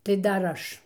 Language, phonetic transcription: Lithuanian, tai ˈdar ˈaš

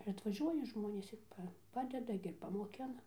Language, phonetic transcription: Lithuanian, ir atvaˈžiuoja ˈžmonės ir ˈpa ˈpadeda gi ir pamoˈkina

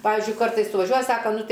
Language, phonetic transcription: Lithuanian, ˈpavizdžiui ˈkartais suvaˈžiuoja ˈsaka ˈnu ˈtai

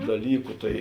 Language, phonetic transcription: Lithuanian, daˈlyku ˈtai

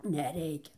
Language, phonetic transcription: Lithuanian, neˈreikia

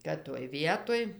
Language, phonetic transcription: Lithuanian, kad toj ˈvietoj

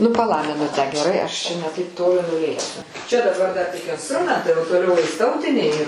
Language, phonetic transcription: Lithuanian, ˈnu paˈla miˈnutę geˈrai ˈaš čia ne ˈtaip ˈtoli nuˈlėksiu čia daˈbar dar tik insˈtrumentai o toˈliau eis ˈtautiniai

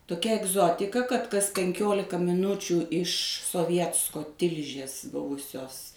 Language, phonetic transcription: Lithuanian, toˈkia egˈzotika kad kas penˈkiolika miˈnučių iš soˈvietsko ˈtilžės ˈbuvusios

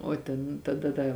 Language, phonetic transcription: Lithuanian, o ˈten taˈda ˈda

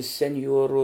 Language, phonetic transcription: Lithuanian, senˈjuorų

